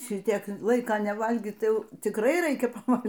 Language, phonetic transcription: Lithuanian, ˈšitiek ˈlaika neˈvalgį ˈtai ˈjau tikˈrai ˈraikia paˈval'

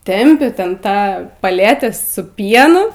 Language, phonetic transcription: Lithuanian, ˈtempi ˈten ˈtą paˈletę su ˈpienu

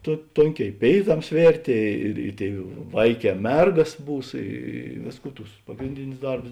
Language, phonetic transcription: Lithuanian, to ˈtonˌkē i ˈpėiˌtams ˈvėrtė ir i ˈtėi ˈvaiˌkē ˈmergas ˈbūs ˈy ˈvėsˌkų ˈtus ˈpagrindinius ˈdarbus

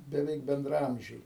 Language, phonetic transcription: Lithuanian, beˈveik bendraˈamžiai

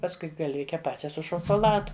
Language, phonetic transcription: Lithuanian, pasˈkui galˈvike ˈpačia su šokoˈladu

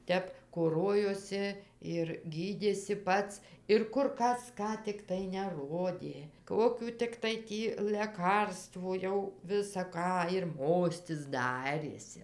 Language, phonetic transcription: Lithuanian, ˈtep koˈrojosi ir gyˈdėsi ˈpats ir ˈkur ˈkas ˈką tikˈtai neˈrodė ˈkokių tikˈtai ˈtį leˈkarstvų ˈjau visa ˈką ir ˈmostis ˈdarėsi

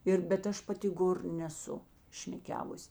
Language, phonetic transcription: Lithuanian, ˈir bet ˈaš paˈti ˈgor neˈsu ˈšmeˈkiavus'

